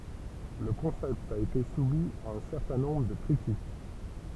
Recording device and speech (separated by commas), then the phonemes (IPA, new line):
temple vibration pickup, read sentence
lə kɔ̃sɛpt a ete sumi a œ̃ sɛʁtɛ̃ nɔ̃bʁ də kʁitik